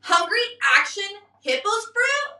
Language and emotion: English, disgusted